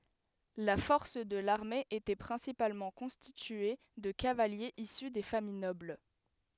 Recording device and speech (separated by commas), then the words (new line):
headset microphone, read sentence
La force de l’armée était principalement constituée de cavaliers issus des familles nobles.